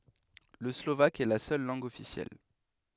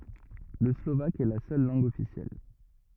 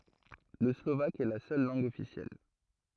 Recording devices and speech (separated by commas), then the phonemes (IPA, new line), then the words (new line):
headset microphone, rigid in-ear microphone, throat microphone, read sentence
lə slovak ɛ la sœl lɑ̃ɡ ɔfisjɛl
Le slovaque est la seule langue officielle.